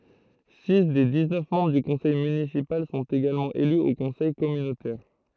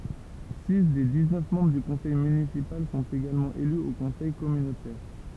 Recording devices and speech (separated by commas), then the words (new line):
throat microphone, temple vibration pickup, read sentence
Six des dix-neuf membres du conseil municipal sont également élus au conseil communautaire.